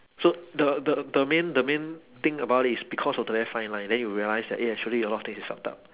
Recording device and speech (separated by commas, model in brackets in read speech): telephone, conversation in separate rooms